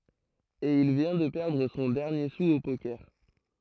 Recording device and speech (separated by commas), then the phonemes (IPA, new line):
throat microphone, read sentence
e il vjɛ̃ də pɛʁdʁ sɔ̃ dɛʁnje su o pokɛʁ